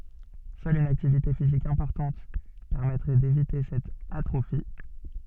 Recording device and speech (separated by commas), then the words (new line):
soft in-ear microphone, read sentence
Seule une activité physique importante permettrait d'éviter cette atrophie.